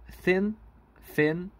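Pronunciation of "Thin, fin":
'Thin' and 'fin' are both pronounced as 'fin', as in Hong Kong English: the th of 'thin' is said as an f sound, so the two words sound the same.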